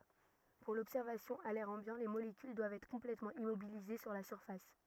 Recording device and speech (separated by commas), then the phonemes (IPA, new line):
rigid in-ear microphone, read sentence
puʁ lɔbsɛʁvasjɔ̃ a lɛʁ ɑ̃bjɑ̃ le molekyl dwavt ɛtʁ kɔ̃plɛtmɑ̃ immobilize syʁ la syʁfas